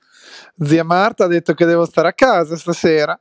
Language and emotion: Italian, happy